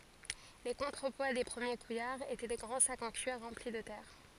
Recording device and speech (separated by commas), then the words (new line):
forehead accelerometer, read sentence
Les contrepoids des premiers couillards étaient des grands sacs en cuir remplis de terre.